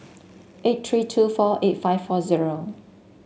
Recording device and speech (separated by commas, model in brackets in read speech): mobile phone (Samsung S8), read sentence